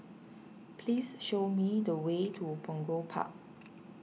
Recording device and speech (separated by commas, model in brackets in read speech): mobile phone (iPhone 6), read sentence